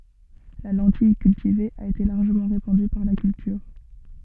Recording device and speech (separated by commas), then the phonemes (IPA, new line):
soft in-ear microphone, read sentence
la lɑ̃tij kyltive a ete laʁʒəmɑ̃ ʁepɑ̃dy paʁ la kyltyʁ